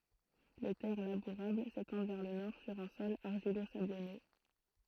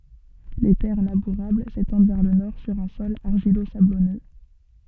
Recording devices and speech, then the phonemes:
throat microphone, soft in-ear microphone, read sentence
le tɛʁ labuʁabl setɑ̃d vɛʁ lə nɔʁ syʁ œ̃ sɔl aʁʒilozablɔnø

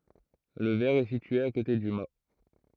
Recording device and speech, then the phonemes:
throat microphone, read sentence
lə vɛʁ ɛ sitye a kote dy ma

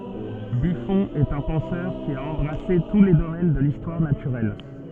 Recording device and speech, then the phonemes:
soft in-ear microphone, read sentence
byfɔ̃ ɛt œ̃ pɑ̃sœʁ ki a ɑ̃bʁase tu le domɛn də listwaʁ natyʁɛl

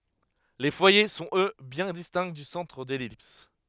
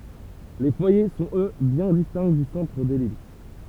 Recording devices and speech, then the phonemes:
headset microphone, temple vibration pickup, read sentence
le fwaje sɔ̃t ø bjɛ̃ distɛ̃ dy sɑ̃tʁ də lɛlips

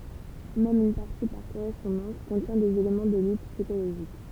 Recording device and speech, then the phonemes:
temple vibration pickup, read sentence
mɛm yn paʁti paʁ koʁɛspɔ̃dɑ̃s kɔ̃tjɛ̃ dez elemɑ̃ də lyt psikoloʒik

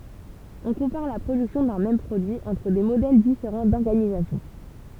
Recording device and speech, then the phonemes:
temple vibration pickup, read sentence
ɔ̃ kɔ̃paʁ la pʁodyksjɔ̃ dœ̃ mɛm pʁodyi ɑ̃tʁ de modɛl difeʁɑ̃ dɔʁɡanizasjɔ̃

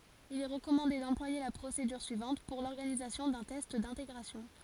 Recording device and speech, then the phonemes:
forehead accelerometer, read sentence
il ɛ ʁəkɔmɑ̃de dɑ̃plwaje la pʁosedyʁ syivɑ̃t puʁ lɔʁɡanizasjɔ̃ dœ̃ tɛst dɛ̃teɡʁasjɔ̃

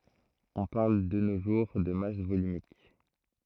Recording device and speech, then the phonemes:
throat microphone, read sentence
ɔ̃ paʁl də no ʒuʁ də mas volymik

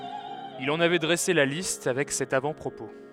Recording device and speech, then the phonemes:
headset microphone, read sentence
il ɑ̃n avɛ dʁɛse la list avɛk sɛt avɑ̃tpʁopo

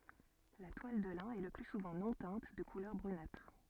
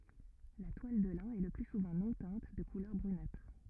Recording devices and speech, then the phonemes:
soft in-ear microphone, rigid in-ear microphone, read sentence
la twal də lɛ̃ ɛ lə ply suvɑ̃ nɔ̃ tɛ̃t də kulœʁ bʁynatʁ

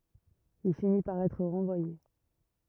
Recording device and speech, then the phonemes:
rigid in-ear microphone, read sentence
il fini paʁ ɛtʁ ʁɑ̃vwaje

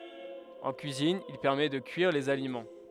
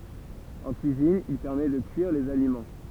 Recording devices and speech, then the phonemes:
headset microphone, temple vibration pickup, read sentence
ɑ̃ kyizin il pɛʁmɛ də kyiʁ dez alimɑ̃

